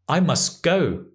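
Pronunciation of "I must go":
There is no t sound at the end of 'must': it is dropped before 'go'.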